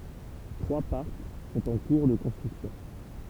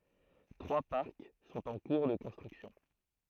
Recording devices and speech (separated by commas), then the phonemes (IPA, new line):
temple vibration pickup, throat microphone, read sentence
tʁwa paʁk sɔ̃t ɑ̃ kuʁ də kɔ̃stʁyksjɔ̃